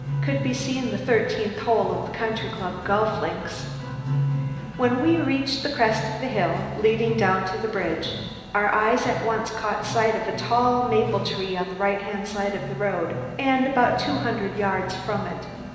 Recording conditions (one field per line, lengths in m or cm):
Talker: one person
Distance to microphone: 1.7 m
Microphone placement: close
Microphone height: 1.0 m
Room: very reverberant, large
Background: music